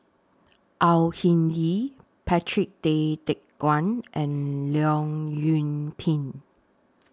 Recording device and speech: standing microphone (AKG C214), read sentence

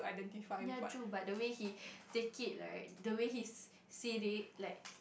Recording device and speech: boundary microphone, conversation in the same room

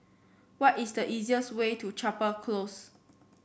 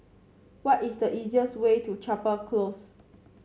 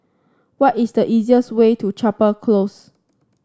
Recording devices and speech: boundary microphone (BM630), mobile phone (Samsung C7), standing microphone (AKG C214), read sentence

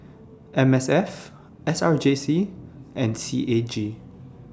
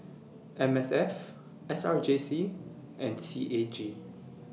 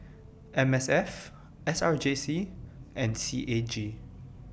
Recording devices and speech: standing microphone (AKG C214), mobile phone (iPhone 6), boundary microphone (BM630), read sentence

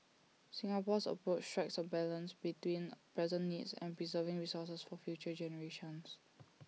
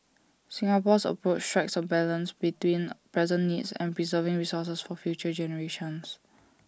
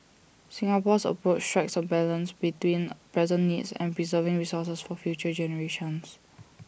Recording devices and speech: mobile phone (iPhone 6), standing microphone (AKG C214), boundary microphone (BM630), read sentence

